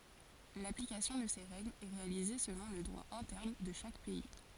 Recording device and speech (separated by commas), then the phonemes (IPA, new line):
forehead accelerometer, read sentence
laplikasjɔ̃ də se ʁɛɡlz ɛ ʁealize səlɔ̃ lə dʁwa ɛ̃tɛʁn də ʃak pɛi